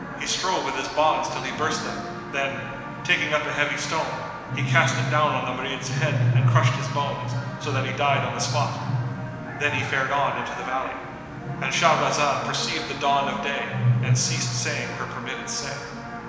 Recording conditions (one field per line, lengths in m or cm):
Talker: one person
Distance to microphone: 1.7 m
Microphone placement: close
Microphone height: 1.0 m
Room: very reverberant, large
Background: television